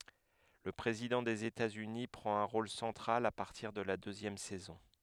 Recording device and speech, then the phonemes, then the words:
headset microphone, read sentence
lə pʁezidɑ̃ dez etatsyni pʁɑ̃t œ̃ ʁol sɑ̃tʁal a paʁtiʁ də la døzjɛm sɛzɔ̃
Le président des États-Unis prend un rôle central à partir de la deuxième saison.

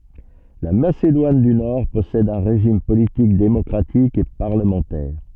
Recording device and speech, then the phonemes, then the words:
soft in-ear microphone, read sentence
la masedwan dy nɔʁ pɔsɛd œ̃ ʁeʒim politik demɔkʁatik e paʁləmɑ̃tɛʁ
La Macédoine du Nord possède un régime politique démocratique et parlementaire.

